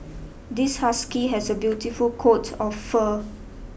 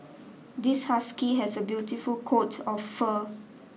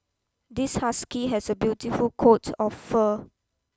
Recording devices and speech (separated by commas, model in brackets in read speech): boundary microphone (BM630), mobile phone (iPhone 6), close-talking microphone (WH20), read sentence